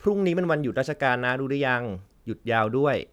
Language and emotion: Thai, neutral